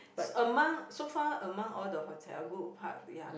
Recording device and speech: boundary microphone, conversation in the same room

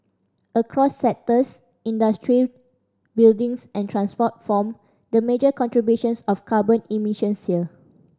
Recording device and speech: standing microphone (AKG C214), read sentence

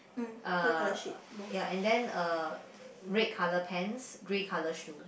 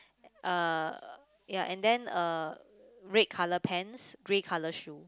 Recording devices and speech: boundary microphone, close-talking microphone, conversation in the same room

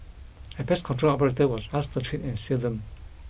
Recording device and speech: boundary microphone (BM630), read sentence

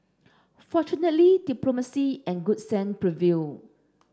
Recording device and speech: standing microphone (AKG C214), read sentence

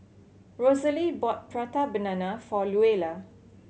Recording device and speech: mobile phone (Samsung C7100), read sentence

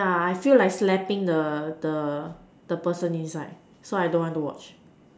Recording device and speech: standing microphone, conversation in separate rooms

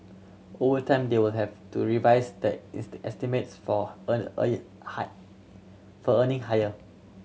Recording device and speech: mobile phone (Samsung C7100), read sentence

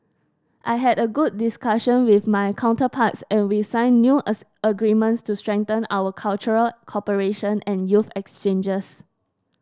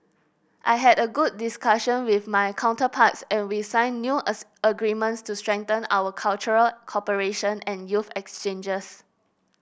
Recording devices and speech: standing microphone (AKG C214), boundary microphone (BM630), read sentence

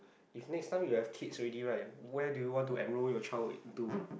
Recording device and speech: boundary microphone, conversation in the same room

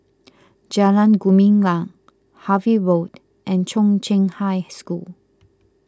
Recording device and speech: close-talking microphone (WH20), read sentence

